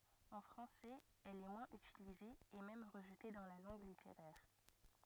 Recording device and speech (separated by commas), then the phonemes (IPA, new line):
rigid in-ear microphone, read sentence
ɑ̃ fʁɑ̃sɛz ɛl ɛ mwɛ̃z ytilize e mɛm ʁəʒte dɑ̃ la lɑ̃ɡ liteʁɛʁ